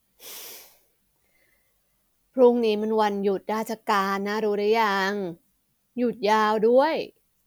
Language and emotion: Thai, frustrated